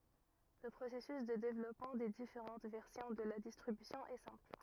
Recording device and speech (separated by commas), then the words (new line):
rigid in-ear microphone, read sentence
Le processus de développement des différentes versions de la distribution est simple.